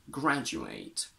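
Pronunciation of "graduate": In 'graduate', the stress is on the first syllable, and the last a is said with the full diphthong A rather than a schwa, so this is the verb 'to graduate', not the noun.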